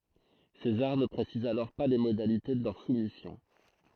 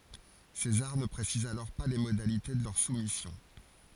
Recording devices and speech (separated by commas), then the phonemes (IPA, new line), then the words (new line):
throat microphone, forehead accelerometer, read sentence
sezaʁ nə pʁesiz alɔʁ pa le modalite də lœʁ sumisjɔ̃
César ne précise alors pas les modalités de leur soumission.